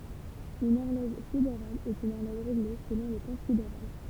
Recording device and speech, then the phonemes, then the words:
temple vibration pickup, read sentence
yn ɔʁlɔʒ sideʁal ɛt yn ɔʁlɔʒ ʁeɡle səlɔ̃ lə tɑ̃ sideʁal
Une horloge sidérale est une horloge réglée selon le temps sidéral.

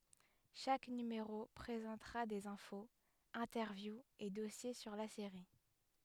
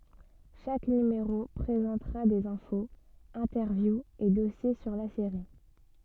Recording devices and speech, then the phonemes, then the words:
headset microphone, soft in-ear microphone, read sentence
ʃak nymeʁo pʁezɑ̃tʁa dez ɛ̃foz ɛ̃tɛʁvjuz e dɔsje syʁ la seʁi
Chaque numéro présentera des infos, interviews et dossiers sur la série.

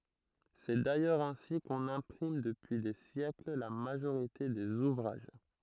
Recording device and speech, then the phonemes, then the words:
throat microphone, read sentence
sɛ dajœʁz ɛ̃si kɔ̃n ɛ̃pʁim dəpyi de sjɛkl la maʒoʁite dez uvʁaʒ
C'est d'ailleurs ainsi qu'on imprime depuis des siècles la majorité des ouvrages.

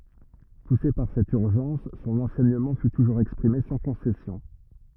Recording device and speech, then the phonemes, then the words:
rigid in-ear microphone, read sentence
puse paʁ sɛt yʁʒɑ̃s sɔ̃n ɑ̃sɛɲəmɑ̃ fy tuʒuʁz ɛkspʁime sɑ̃ kɔ̃sɛsjɔ̃
Poussé par cette urgence, son enseignement fut toujours exprimé sans concessions.

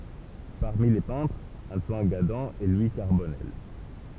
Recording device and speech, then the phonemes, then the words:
temple vibration pickup, read sentence
paʁmi le pɛ̃tʁz ɑ̃twan ɡadɑ̃ e lwi kaʁbɔnɛl
Parmi les peintres, Antoine Gadan et Louis Carbonnel.

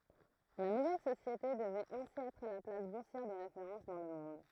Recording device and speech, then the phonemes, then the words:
throat microphone, read sentence
la nuvɛl sosjete dəvɛt ɛ̃si ɛtʁ la plas buʁsjɛʁ də ʁefeʁɑ̃s dɑ̃ lə mɔ̃d
La nouvelle société devait ainsi être la place boursière de référence dans le monde.

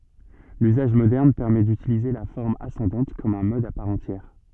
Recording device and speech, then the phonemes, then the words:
soft in-ear microphone, read sentence
lyzaʒ modɛʁn pɛʁmɛ dytilize la fɔʁm asɑ̃dɑ̃t kɔm œ̃ mɔd a paʁ ɑ̃tjɛʁ
L'usage moderne permet d'utiliser la forme ascendante comme un mode à part entière.

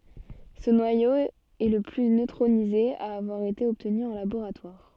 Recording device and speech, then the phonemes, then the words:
soft in-ear microphone, read sentence
sə nwajo ɛ lə ply nøtʁonize a avwaʁ ete ɔbtny ɑ̃ laboʁatwaʁ
Ce noyau est le plus neutronisé à avoir été obtenu en laboratoire.

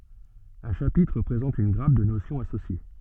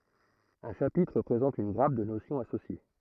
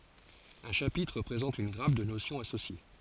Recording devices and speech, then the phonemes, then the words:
soft in-ear microphone, throat microphone, forehead accelerometer, read sentence
œ̃ ʃapitʁ pʁezɑ̃t yn ɡʁap də nosjɔ̃z asosje
Un chapitre présente une grappe de notions associées.

